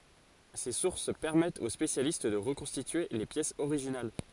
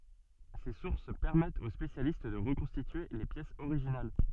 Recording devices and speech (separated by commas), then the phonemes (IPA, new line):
forehead accelerometer, soft in-ear microphone, read sentence
se suʁs pɛʁmɛtt o spesjalist də ʁəkɔ̃stitye le pjɛsz oʁiʒinal